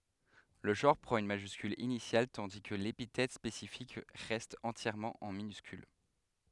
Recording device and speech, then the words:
headset microphone, read sentence
Le genre prend une majuscule initiale tandis que l'épithète spécifique reste entièrement en minuscule.

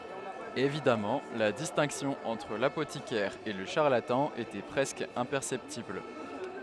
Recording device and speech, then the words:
headset microphone, read sentence
Évidemment, la distinction entre l'apothicaire et le charlatan était presque imperceptible.

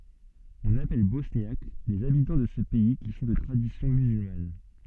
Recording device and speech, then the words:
soft in-ear microphone, read sentence
On appelle Bosniaques les habitants de ce pays qui sont de tradition musulmane.

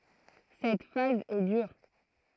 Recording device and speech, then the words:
throat microphone, read sentence
Cette phase est dure.

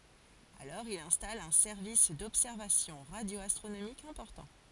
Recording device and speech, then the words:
forehead accelerometer, read sentence
Alors il installe un service d´observations radio-astronomiques important.

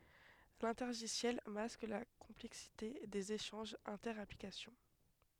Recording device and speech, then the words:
headset microphone, read sentence
L'intergiciel masque la complexité des échanges inter-applications.

